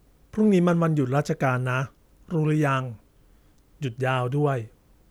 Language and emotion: Thai, neutral